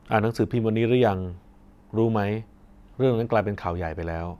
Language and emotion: Thai, neutral